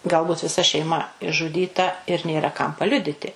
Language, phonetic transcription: Lithuanian, ˈgalˌbut viˈsa šeiˈma išžuˈdyta ir ˈnėra kam paˈliuditi

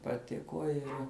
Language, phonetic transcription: Lithuanian, paˈtiko ˈir

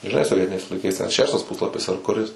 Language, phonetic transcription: Lithuanian, žiˈnai soˈvietiniais laiˈkais ten ˈšeštas ˈpuslapis ar kuˈris

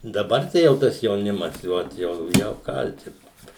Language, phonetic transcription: Lithuanian, daˈbar ˈtai jau ˈtas jauˈnimas i ˈot jau ˈjau ˈkaltinu

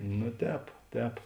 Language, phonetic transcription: Lithuanian, nu ˈtēp ˈtēp

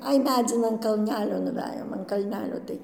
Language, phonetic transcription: Lithuanian, ˈai ˈmedzin an kalˈnelio nuˈvejom an kalˈnelio tai

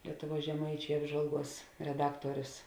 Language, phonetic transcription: Lithuanian, ˈlietuˌvuos žeˈmaičiai ˈapžvalˌguos reˈdaktuorius

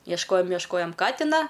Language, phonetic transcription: Lithuanian, iešˈkojom iešˈkojom ˈkatina

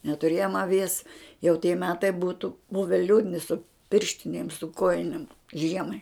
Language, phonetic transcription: Lithuanian, netuˈrėjom aˈvies jau tie ˈmetai ˈbūtu ˈbuve ˈliūdni su ˈpirštinėm su ˈkojinėm ˈžiemai

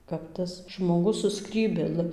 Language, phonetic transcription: Lithuanian, kap ˈtas žmoˈgus su ˈskrybėlɨ

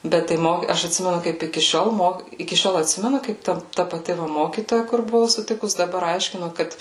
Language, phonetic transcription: Lithuanian, ˈbet tai ˈmoky ˈaš atˈsimenu ˈkaip iki ˈšiol ˈmok iki ˈšiol atˈsimenu kaip ˈta ta paˈti ˈmokytoja kur buˈvau suˈtikus daˈbar ˈaiškino ˈkad

